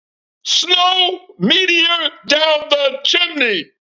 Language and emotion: English, surprised